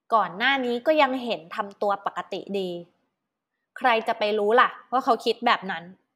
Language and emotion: Thai, frustrated